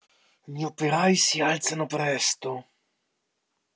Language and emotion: Italian, angry